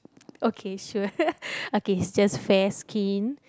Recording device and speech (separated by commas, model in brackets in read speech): close-talking microphone, conversation in the same room